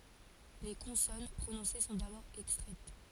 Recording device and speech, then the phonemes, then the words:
forehead accelerometer, read sentence
le kɔ̃sɔn pʁonɔ̃se sɔ̃ dabɔʁ ɛkstʁɛt
Les consonnes prononcées sont d'abord extraites.

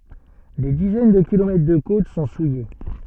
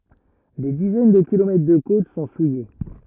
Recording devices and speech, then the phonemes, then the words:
soft in-ear microphone, rigid in-ear microphone, read sentence
de dizɛn də kilomɛtʁ də kot sɔ̃ suje
Des dizaines de kilomètres de côtes sont souillées.

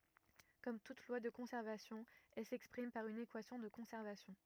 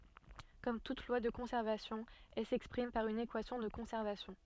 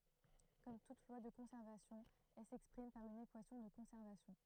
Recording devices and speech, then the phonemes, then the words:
rigid in-ear microphone, soft in-ear microphone, throat microphone, read sentence
kɔm tut lwa də kɔ̃sɛʁvasjɔ̃ ɛl sɛkspʁim paʁ yn ekwasjɔ̃ də kɔ̃sɛʁvasjɔ̃
Comme toute loi de conservation elle s'exprime par une équation de conservation.

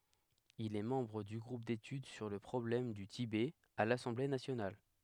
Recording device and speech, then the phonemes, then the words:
headset microphone, read sentence
il ɛ mɑ̃bʁ dy ɡʁup detyd syʁ lə pʁɔblɛm dy tibɛ a lasɑ̃ble nasjonal
Il est membre du groupe d'études sur le problème du Tibet à l'Assemblée nationale.

